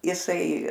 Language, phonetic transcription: Lithuanian, jiˈsai

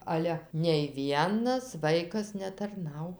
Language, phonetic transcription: Lithuanian, ˈale nei ˈvienas ˈvaikas netarˈnau

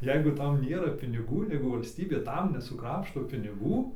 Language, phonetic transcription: Lithuanian, ˈjeigu ˈtam ˈnėra piniˈgų ˈjeigu valsˈtybė ˈtam nesuˈkrapšto piniˈgų

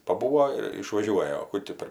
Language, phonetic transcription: Lithuanian, paˈbūo ir išvaˈžiuoja o ˈku tį per

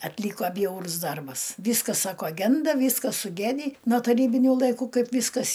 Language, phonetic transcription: Lithuanian, atˈlyko ˈbjaurus ˈdarbas ˈvyskas ˈsako ˈgenda ˈvyskas suˈgedį no taˈrybiniu laiˈkų ˈkaip ˈvyskas

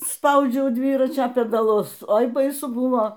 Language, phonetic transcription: Lithuanian, ˈspaudžiau ˈdvyračio pedaˈlus ˈoi baiˈsu ˈbuvo

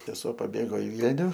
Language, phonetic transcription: Lithuanian, seˈsuo paˈbėgo i ˈvylniu

